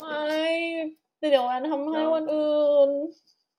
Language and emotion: Thai, sad